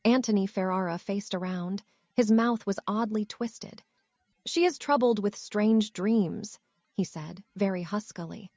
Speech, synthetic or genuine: synthetic